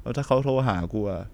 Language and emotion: Thai, sad